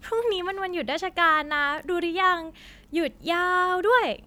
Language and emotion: Thai, happy